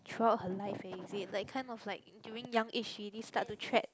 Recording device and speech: close-talking microphone, conversation in the same room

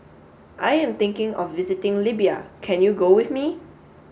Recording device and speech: mobile phone (Samsung S8), read sentence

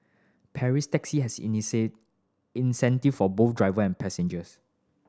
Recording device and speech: standing microphone (AKG C214), read sentence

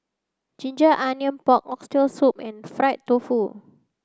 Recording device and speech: close-talking microphone (WH30), read sentence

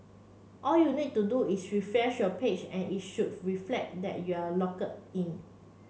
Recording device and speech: mobile phone (Samsung C7), read sentence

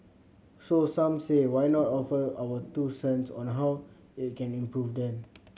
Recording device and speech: mobile phone (Samsung C7100), read sentence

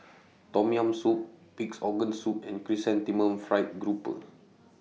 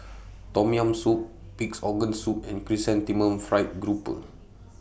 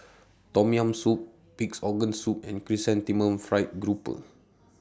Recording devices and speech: mobile phone (iPhone 6), boundary microphone (BM630), standing microphone (AKG C214), read sentence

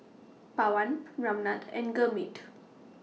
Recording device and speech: mobile phone (iPhone 6), read sentence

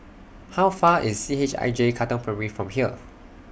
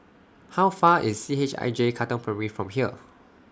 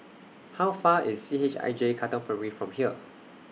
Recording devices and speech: boundary microphone (BM630), standing microphone (AKG C214), mobile phone (iPhone 6), read sentence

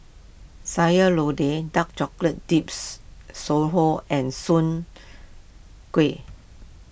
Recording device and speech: boundary microphone (BM630), read sentence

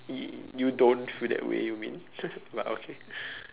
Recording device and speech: telephone, conversation in separate rooms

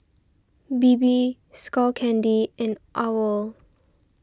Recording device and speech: standing microphone (AKG C214), read sentence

